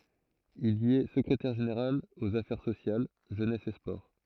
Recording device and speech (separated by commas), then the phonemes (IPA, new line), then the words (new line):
throat microphone, read sentence
il i ɛ səkʁetɛʁ ʒeneʁal oz afɛʁ sosjal ʒønɛs e spɔʁ
Il y est secrétaire général aux Affaires sociales, Jeunesse et Sports.